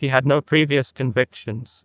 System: TTS, neural waveform model